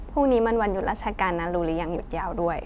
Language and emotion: Thai, neutral